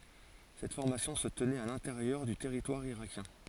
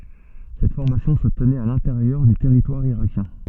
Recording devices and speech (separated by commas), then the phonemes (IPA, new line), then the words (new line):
forehead accelerometer, soft in-ear microphone, read sentence
sɛt fɔʁmasjɔ̃ sə tənɛt a lɛ̃teʁjœʁ dy tɛʁitwaʁ iʁakjɛ̃
Cette formation se tenait à l'intérieur du territoire irakien.